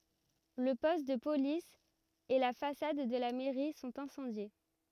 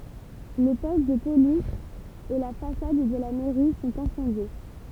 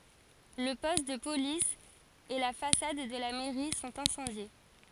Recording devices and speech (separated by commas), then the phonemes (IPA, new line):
rigid in-ear microphone, temple vibration pickup, forehead accelerometer, read sentence
lə pɔst də polis e la fasad də la mɛʁi sɔ̃t ɛ̃sɑ̃dje